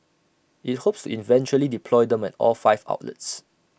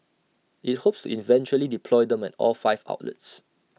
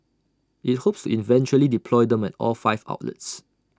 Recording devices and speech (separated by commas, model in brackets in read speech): boundary microphone (BM630), mobile phone (iPhone 6), standing microphone (AKG C214), read sentence